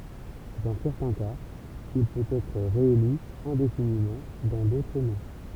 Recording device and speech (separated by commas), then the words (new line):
temple vibration pickup, read sentence
Dans certains cas, il peut être réélu indéfiniment, dans d’autres non.